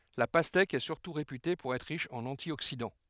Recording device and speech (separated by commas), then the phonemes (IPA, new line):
headset microphone, read sentence
la pastɛk ɛ syʁtu ʁepyte puʁ ɛtʁ ʁiʃ ɑ̃n ɑ̃tjoksidɑ̃